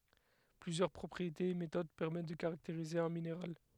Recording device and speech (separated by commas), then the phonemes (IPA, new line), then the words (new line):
headset microphone, read sentence
plyzjœʁ pʁɔpʁietez e metod pɛʁmɛt də kaʁakteʁize œ̃ mineʁal
Plusieurs propriétés et méthodes permettent de caractériser un minéral.